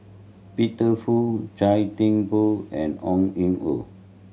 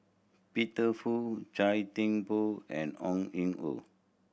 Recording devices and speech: mobile phone (Samsung C7100), boundary microphone (BM630), read sentence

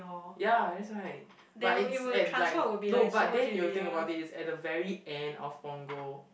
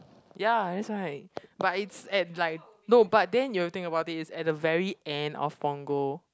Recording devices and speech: boundary microphone, close-talking microphone, conversation in the same room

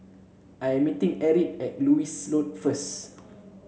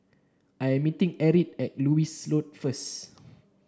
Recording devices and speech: mobile phone (Samsung C7), standing microphone (AKG C214), read sentence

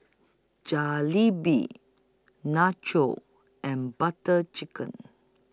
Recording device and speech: close-talking microphone (WH20), read sentence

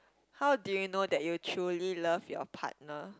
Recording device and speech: close-talking microphone, conversation in the same room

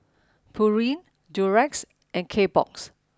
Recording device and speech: standing microphone (AKG C214), read sentence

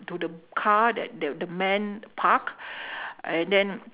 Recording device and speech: telephone, conversation in separate rooms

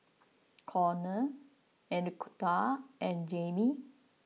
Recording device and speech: mobile phone (iPhone 6), read sentence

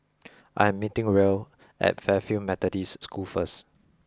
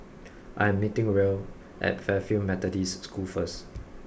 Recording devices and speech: close-talking microphone (WH20), boundary microphone (BM630), read sentence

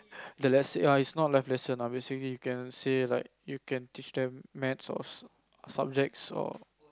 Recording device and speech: close-talking microphone, conversation in the same room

